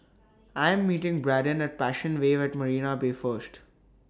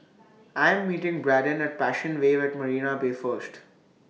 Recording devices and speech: standing microphone (AKG C214), mobile phone (iPhone 6), read sentence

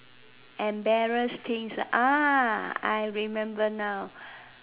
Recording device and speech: telephone, conversation in separate rooms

